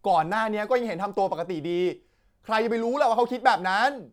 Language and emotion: Thai, angry